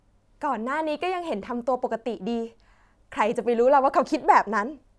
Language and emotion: Thai, happy